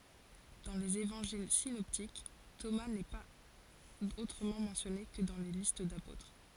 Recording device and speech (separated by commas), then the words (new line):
forehead accelerometer, read sentence
Dans les évangiles synoptiques, Thomas n'est pas autrement mentionné que dans les listes d'apôtres.